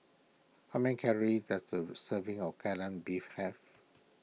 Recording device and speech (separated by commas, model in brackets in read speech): mobile phone (iPhone 6), read sentence